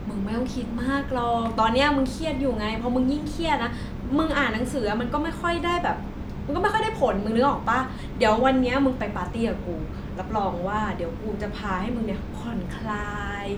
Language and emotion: Thai, frustrated